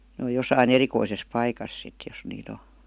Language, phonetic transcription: Finnish, n ‿ooj 'josai"n ‿erikoises 'paikas sit jos nii't ‿o .
- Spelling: ne on jossakin erikoisessa paikassa sitten jos niitä on

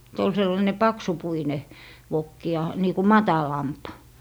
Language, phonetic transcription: Finnish, se ol sellaⁱne "paksupuine , 'vokki ja , nii ku "matalamp .
- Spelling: se oli sellainen paksupuinen vokki ja niin kuin matalampi

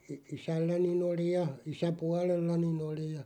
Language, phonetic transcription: Finnish, isälläni'n ‿oli ja 'isä"pualellani'n ‿oli ja .
- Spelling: isälläni oli ja isäpuolellani oli ja

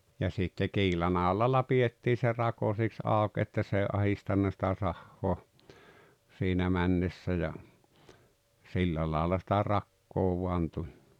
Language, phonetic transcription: Finnish, ja sitte "kiilanàolalla 'pi₍ettii se "rako siks 'àok että s ‿èi 'ahistanna sⁱtä 'sahhoa , siinä 'männessä ja , 'sillä laala sⁱtä "rakkoo vuan 'tuĺ .
- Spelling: ja sitten kiilanolalla pidettiin se rako siksi auki että se ei ahdistanut sitä sahaa siinä mennessä ja sillä lailla sitä rakoa vain tuli

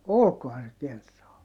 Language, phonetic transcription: Finnish, olkohan se kentraal ?
- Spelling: olikohan se kenraali

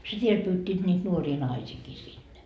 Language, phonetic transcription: Finnish, sit 'viel pyyt́t́iit niit 'nuorii "naisiikii 'sinne .
- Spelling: sitten vielä pyysivät niitä nuoria naisiakin sinne

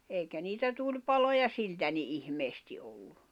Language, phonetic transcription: Finnish, 'èikä niitä 'tuĺpaloja "siltä ni '’ihmeesti ollu .
- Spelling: eikä niitä tulipaloja siltä niin ihmeesti ollut

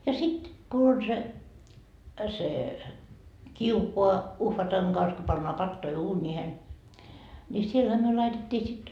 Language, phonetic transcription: Finnish, ja 'sit , ku on se , se , 'kiukoa , 'uhvataŋ Gans ko pannoa 'pattoi "uuńiihen , ńi 'sielhä myö 'laitet́t́ii sit ,.
- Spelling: ja sitten kun on se se kiuas uhvatan kanssa kun pannaan patoja uuniin niin siellähän me laitettiin sitten

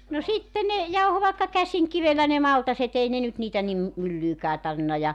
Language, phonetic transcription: Finnish, no 'sitte ne , 'jauho vàekka "käsiŋkivellä ne 'maltase't ‿ei nyt 'niitä nim , 'myllyykää 'tar(vi)nna ja ,.
- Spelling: no sitten ne jauhoi vaikka käsinkivellä ne maltaat ei nyt niitä niin myllyynkään tarvinnut ja

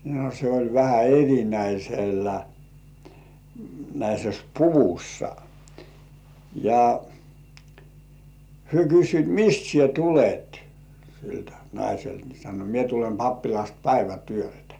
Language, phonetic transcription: Finnish, no se oĺ vähä 'erinäisellä , -näises "puvussa , ja , 'hyö "kyssyit » "mist sie "tulet « , siltä naiselt ni sano » mie tulem 'pappilast "päivätyöltᴀ̈ « .
- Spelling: no se oli vähän - erinäisessä puvussa ja he kysyivät mistä sinä tulet siltä naiselta niin sanoi minä tulen pappilasta päivätyöltä

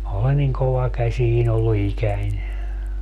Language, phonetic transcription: Finnish, 'm ‿oolen niŋ 'kova'käśiin ‿ollu 'ikäń .
- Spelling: minä olen niin kovakäsinen ollut ikäni

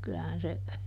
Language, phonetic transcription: Finnish, ˈkylähän se ,.
- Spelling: kyllähän se

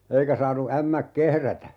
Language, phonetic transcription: Finnish, 'eikä saanu 'ämmäk "kehrätä .
- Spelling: eikä saanut ämmät kehrätä

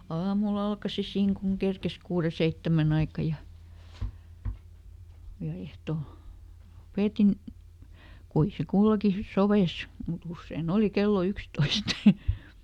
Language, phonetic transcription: Finnish, ˈaamuˈl ‿alkasi ˈsiiŋ kuŋ "kerkes ˈkuure "seittämän ‿aika ja , ja ˈehto , (lo)ˈpètin , ˈkui se ˈkulloki "soveis , muˈt ‿usseiˈn ‿òli "kello ˈykstoist .
- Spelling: aamulla alkoi siinä kun kerkesi kuuden seitsemän aikaan ja ja ehtoo lopetin kuinka se kulloinkin sopi mutta usein oli kello yksitoista

